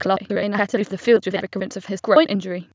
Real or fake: fake